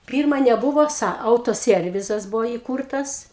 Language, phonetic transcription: Lithuanian, ˈpyrma neˈbuvo ˈsa ˌautoˈsiervizas ˈbuvo įˈkūrtas

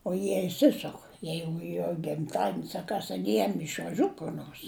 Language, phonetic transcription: Lithuanian, o ˈjie išˈsisuk ˈjeigu jo gimˈtadienis a ˈkas ˈjam išvaˈžiut kur ˈnors

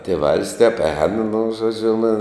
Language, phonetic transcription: Lithuanian, tėˈvals tep ēn nu žoˈdžiu nu

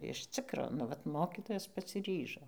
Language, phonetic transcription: Lithuanian, iš ˈcikro nu ˈvat ˈmokitojas pasiˈryžo

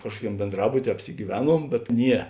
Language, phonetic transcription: Lithuanian, ˈkažkuoˌkiam bėnˈdrabutie apsigyˈveˌnuom bet ˈnie

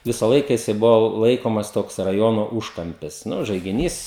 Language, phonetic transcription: Lithuanian, ˈvisa ˈlaika ˈjisai ˈbuvo ˈlaikomas ˈtoks raˈjono ˈūžkampis ˈnu žaigiˈnys

